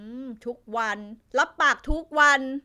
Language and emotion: Thai, angry